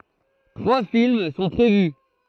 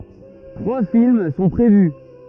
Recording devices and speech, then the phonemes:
throat microphone, rigid in-ear microphone, read sentence
tʁwa film sɔ̃ pʁevy

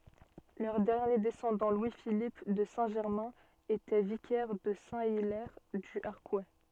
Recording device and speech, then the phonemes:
soft in-ear microphone, read sentence
lœʁ dɛʁnje dɛsɑ̃dɑ̃ lwi filip də sɛ̃ ʒɛʁmɛ̃ etɛ vikɛʁ də sɛ̃ ilɛʁ dy aʁkw

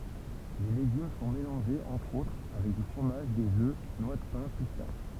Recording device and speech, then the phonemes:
temple vibration pickup, read sentence
le leɡym sɔ̃ melɑ̃ʒez ɑ̃tʁ otʁ avɛk dy fʁomaʒ dez ø nwa də pɛ̃ pistaʃ

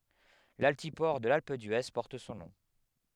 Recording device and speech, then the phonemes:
headset microphone, read sentence
laltipɔʁ də lalp dye pɔʁt sɔ̃ nɔ̃

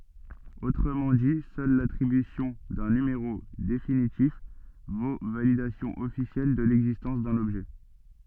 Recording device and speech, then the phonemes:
soft in-ear microphone, read sentence
otʁəmɑ̃ di sœl latʁibysjɔ̃ dœ̃ nymeʁo definitif vo validasjɔ̃ ɔfisjɛl də lɛɡzistɑ̃s dœ̃n ɔbʒɛ

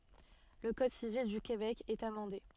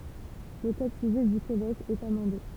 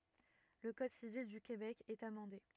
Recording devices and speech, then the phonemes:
soft in-ear microphone, temple vibration pickup, rigid in-ear microphone, read sentence
lə kɔd sivil dy kebɛk ɛt amɑ̃de

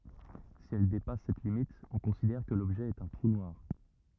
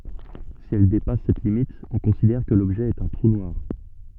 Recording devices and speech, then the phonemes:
rigid in-ear microphone, soft in-ear microphone, read sentence
si ɛl depas sɛt limit ɔ̃ kɔ̃sidɛʁ kə lɔbʒɛ ɛt œ̃ tʁu nwaʁ

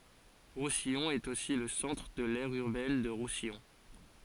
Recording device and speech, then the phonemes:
forehead accelerometer, read sentence
ʁusijɔ̃ ɛt osi lə sɑ̃tʁ də lɛʁ yʁbɛn də ʁusijɔ̃

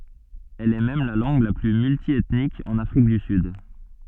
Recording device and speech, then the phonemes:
soft in-ear microphone, read sentence
ɛl ɛ mɛm la lɑ̃ɡ la ply myltjɛtnik ɑ̃n afʁik dy syd

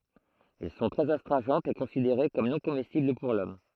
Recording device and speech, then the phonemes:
throat microphone, read sentence
ɛl sɔ̃ tʁɛz astʁɛ̃ʒɑ̃tz e kɔ̃sideʁe kɔm nɔ̃ komɛstibl puʁ lɔm

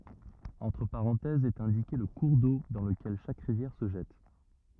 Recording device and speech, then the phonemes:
rigid in-ear microphone, read sentence
ɑ̃tʁ paʁɑ̃tɛzz ɛt ɛ̃dike lə kuʁ do dɑ̃ ləkɛl ʃak ʁivjɛʁ sə ʒɛt

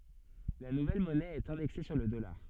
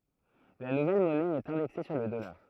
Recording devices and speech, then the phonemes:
soft in-ear microphone, throat microphone, read sentence
la nuvɛl mɔnɛ ɛt ɛ̃dɛkse syʁ lə dɔlaʁ

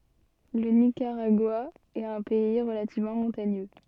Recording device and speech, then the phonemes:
soft in-ear microphone, read sentence
lə nikaʁaɡwa ɛt œ̃ pɛi ʁəlativmɑ̃ mɔ̃taɲø

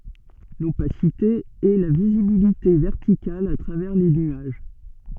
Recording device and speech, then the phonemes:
soft in-ear microphone, read sentence
lopasite ɛ la vizibilite vɛʁtikal a tʁavɛʁ le nyaʒ

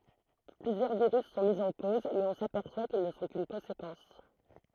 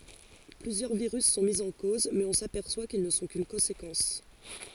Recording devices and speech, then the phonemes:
throat microphone, forehead accelerometer, read sentence
plyzjœʁ viʁys sɔ̃ mi ɑ̃ koz mɛz ɔ̃ sapɛʁswa kil nə sɔ̃ kyn kɔ̃sekɑ̃s

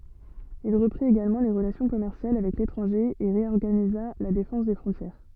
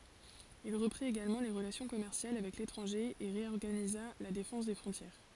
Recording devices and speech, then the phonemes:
soft in-ear microphone, forehead accelerometer, read sentence
il ʁəpʁit eɡalmɑ̃ le ʁəlasjɔ̃ kɔmɛʁsjal avɛk letʁɑ̃ʒe e ʁeɔʁɡaniza la defɑ̃s de fʁɔ̃tjɛʁ

